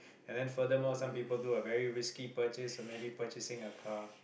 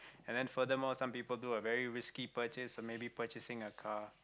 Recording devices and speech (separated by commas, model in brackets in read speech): boundary microphone, close-talking microphone, conversation in the same room